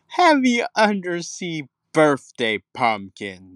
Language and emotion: English, angry